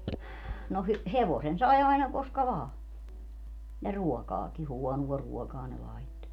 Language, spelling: Finnish, no - hevosen sai aina koska vain ja ruokaakin huonoa ruokaa ne laittoi
- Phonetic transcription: no hy- , "hevosen 'sai aina 'koska 'vaa , ja 'ruɔkaaki - "huɔnuɔ 'ruɔkaa ne 'laitto .

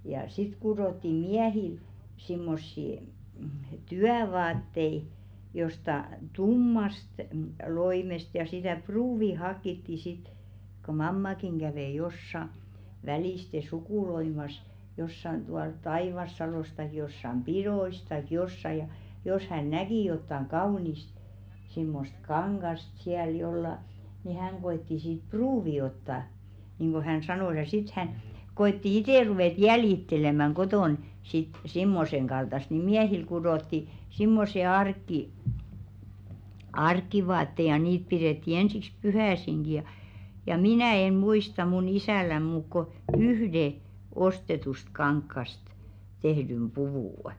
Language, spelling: Finnish, ja sitten kudottiin miehille semmoisia työvaatteita jostakin tummasta loimesta ja sitä pruuvia haettiin sitten kun mammakin kävi jossakin välistä sukuloimassa jossakin tuolla Taivassalossa tai jossakin pidoissa tai jossakin ja jos hän näki jotakin kaunista semmoista kangasta siellä jollakin niin hän koetti siitä pruuvin ottaa niin kuin hän sanoi ja sitten hän koetti itse ruveta jäljittelemään kotona sitten semmoisen kaltaista niin miehille kudottiin semmoiset - arkivaatteet ja niitä pidettiin ensiksi pyhäisinkin ja ja minä en muista minun isälläni muuta kuin yhden ostetusta kankaasta tehdyn puvun
- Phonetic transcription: ja sit 'kuròttii "miähil , simmossì , "tyävaattei , josta "tummast , 'loimest ja sitä̀ "pruuvi 'hakkitti sit , ko "mammakiŋ ɢävè jossa , 'välìste "sukùloimas jossan tual "Taìvassalòs taik jossam "piðois taik 'jossa ja , jos 'hän "näki jottaŋ "kaunist , simmost 'kaŋɢast siäl 'jolla , ni 'häŋ ɢo₍etti siit "pruuvi otta , niiŋɢo 'hän "sanòs ja sit hän , 'ko₍etti "itè 'ruvèt "jäljittelemäŋ 'ɢotòn , sit 'simmoseŋ ɢaltast ni "miähil 'kuðòtti simmose ark̆ki- , 'ark̀ivaatte ja niit 'piðètti ensiks 'puhä̀siŋɢi ja , ja "minä̀ en̬ 'muista mun 'isä̀län muuk ko "yhde , 'ostetust 'kaŋkkast , 'tehdym "ʙuvù' .

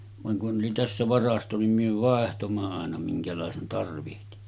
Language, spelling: Finnish, vaan kun oli tässä varasto niin me vaihdoimme aina minkälaisen tarvitsi
- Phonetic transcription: vaŋ kun ’oli tässä 'varasto nim myö 'vàehtomma àena 'miŋkälàesen tarvihti .

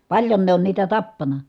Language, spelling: Finnish, paljon ne on niitä tappanut
- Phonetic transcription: paĺjon ne on niitä tappana .

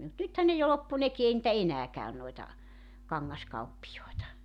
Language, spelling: Finnish, mutta nythän ne jo loppui nekin ei niitä enää käy noita kangaskauppiaita
- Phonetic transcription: mut 'nythän ne jo 'loppu 'neki ei nⁱtä "enää 'käyn noeta , 'kaŋŋaskauppijoeta .

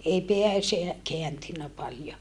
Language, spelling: Finnish, ei pää - kääntynyt paljon
- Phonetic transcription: ei peä (seä) , keäntynnä paljo .

